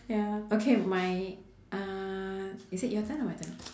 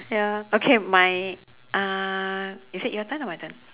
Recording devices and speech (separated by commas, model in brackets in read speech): standing microphone, telephone, conversation in separate rooms